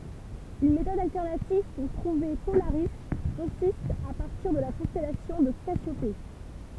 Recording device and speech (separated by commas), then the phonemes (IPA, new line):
temple vibration pickup, read sentence
yn metɔd altɛʁnativ puʁ tʁuve polaʁi kɔ̃sist a paʁtiʁ də la kɔ̃stɛlasjɔ̃ də kasjope